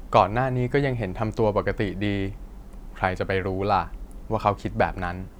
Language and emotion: Thai, neutral